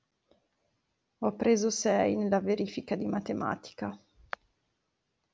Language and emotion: Italian, sad